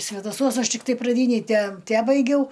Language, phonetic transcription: Lithuanian, svedaˈsuos ˈaš tikˈtai praˈdynej te ˈtebaigiau

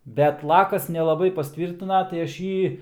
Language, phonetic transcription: Lithuanian, ˈbet ˈlakas nelaˈbai pasˈtvyrtina tai ˈaš ˈjį

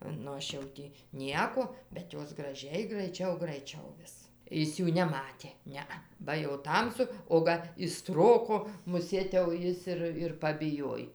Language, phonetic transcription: Lithuanian, nu ˈaš jau ˈtį ˈnieko bet ˈjos graˈžiai graiˈčiau graiˈčiau ˈvis ˈis ˈjų neˈmatė ˈnea ba jau ˈtamsu o ˈga iš ˈstroko muˈsėt jau ˈjis ir ir pabiˈjoj

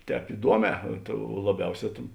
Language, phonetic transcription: Lithuanian, ˈtēp iˈduoˌmē laˈbiauˌsē tėn

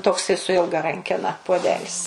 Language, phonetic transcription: Lithuanian, ˈtoksai su ˈilga ˈrankena puoˈdelis

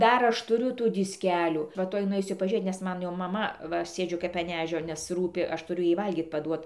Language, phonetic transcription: Lithuanian, ˈdar ˈaš tuˈriu ˈtų disˈkelių va ˈtuoj nuˈeisiu pažiūˈrėt nes ˈmanˈ jau maˈma ˈva ˈsėdžiu kap an ˈežio nes ˈrūpi ˈaš tuˈriu ˈjai ˈvalgyt paˈduot

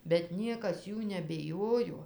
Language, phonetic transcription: Lithuanian, bet ˈniekas ˈjų nebiˈjojo

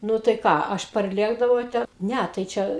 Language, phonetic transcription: Lithuanian, ˈnu tai ˈką ˈaš parˈlėkdavau ˈte ˈne tai ˈčia

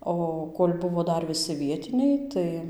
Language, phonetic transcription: Lithuanian, ˈo kol' ˈbuvo ˈdar viˈsi ˈvietiniai ˈtai

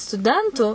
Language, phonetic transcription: Lithuanian, stuˈdentų

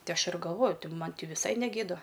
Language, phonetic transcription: Lithuanian, ˈti ˈaš ir galˈvoju ˈti ˈman' ˈti viˈsai neˈgėda

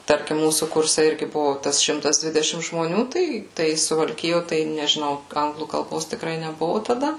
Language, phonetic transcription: Lithuanian, ˈtarkim ˈmūsų ˈkurse ˈirgi ˈbuvo ˈtas ˈšimtas ˈdvidešim žmoˈnių ˈtai ˈtai suvalˈkijo ˈtai nežiˈnau ˈanglų kalˈbos tikˈrai neˈbuvu taˈda

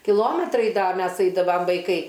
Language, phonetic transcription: Lithuanian, kiˈlometrai ˈda ˈmes ˈaidavam vaiˈkai

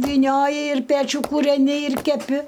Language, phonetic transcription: Lithuanian, vyˈnioji ir ˈpečių kūreˈni ir keˈpi

